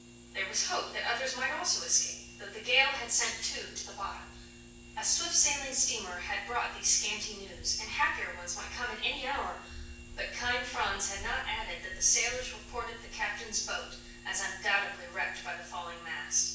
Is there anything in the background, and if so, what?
Nothing.